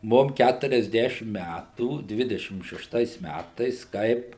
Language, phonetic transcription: Lithuanian, ˈmum ˌkæturiasˈdešim ˈmætų ˈdvidešim šešˈtais ˈmætais ˈkaip

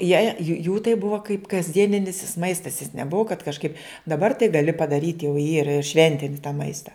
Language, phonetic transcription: Lithuanian, jei jų tai ˈbuva kaip kasˈdieninis jis ˈmaistas jis neˈbuva kad kažˈkaip daˈbar tai gaˈli padaˈryt' jau ˈyra ir ˈšventini tą ˈmaista

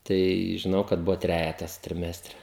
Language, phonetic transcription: Lithuanian, tai žiˈnau kad ˈbuvo ˈtrejetas triˈmestre

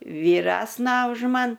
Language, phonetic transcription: Lithuanian, vyˈresna už ˈman

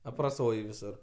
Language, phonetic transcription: Lithuanian, apraˈsoj viˈsur

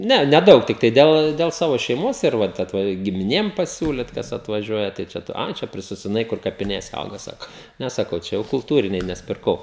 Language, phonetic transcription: Lithuanian, ˈne neˈdaug tikˈtai ˈdel del ˈsavo šeiˈmos ir ˈvat ˈatva gimiˈnėm paˈsiūlit kas atvaˈžiuoja tai ˈčia ˈa ˈčia prisisodiˈnai kur kapiˈnėse ˈauga ˈsako ˈne saˈkau ˈčia jau kulˈtūriniai nes pirˈkau

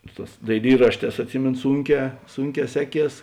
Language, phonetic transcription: Lithuanian, ˈsu ˌtās daiˈlyrašˌtēs atˈsimėno ˈsūnˌkē ˈsūnˌkē ˈseˌkies

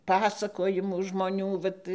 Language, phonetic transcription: Lithuanian, ˈpasakojimų žmoˈnių ˈvat

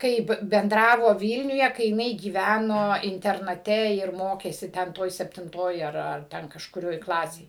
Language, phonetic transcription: Lithuanian, ˈkaip benˈdravo ˈvylniuje kai jiˈnai gyˈvæno internaˈte ir ˈmokėsi ˈten ˈtoj septinˈtoj ar ar ˈten kažkuˈrioj ˈklasėj

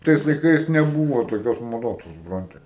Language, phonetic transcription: Lithuanian, ˈtais laiˈkais neˈbūvo toˈkios maˈdos tu suˈpranti

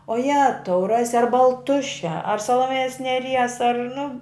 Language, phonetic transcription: Lithuanian, o ˈjetau ˈrasi ar balˈtušia ar saloˈmėjos neˈries ar nu

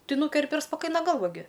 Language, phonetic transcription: Lithuanian, ˈtai ˈnūkerpi ir spaˈkaina ˈgalva gi

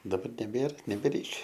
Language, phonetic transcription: Lithuanian, daˈbar neˈbėr nebeˈreikia

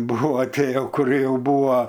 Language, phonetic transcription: Lithuanian, ˈbuva ˈtie jau kuˈrie ˈjau ˈbūva

